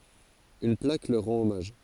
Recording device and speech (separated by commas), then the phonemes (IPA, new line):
forehead accelerometer, read sentence
yn plak lœʁ ʁɑ̃t ɔmaʒ